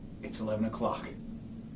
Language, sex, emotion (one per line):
English
male
neutral